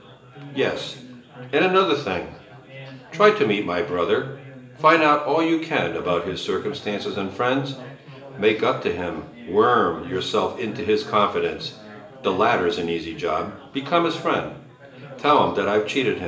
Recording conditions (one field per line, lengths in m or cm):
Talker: one person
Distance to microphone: 1.8 m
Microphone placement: close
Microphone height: 1.0 m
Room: large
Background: babble